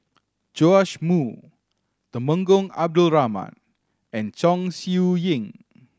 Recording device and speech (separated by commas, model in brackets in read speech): standing microphone (AKG C214), read sentence